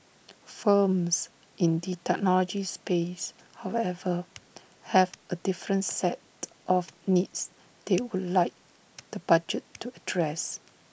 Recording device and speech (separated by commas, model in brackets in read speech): boundary microphone (BM630), read sentence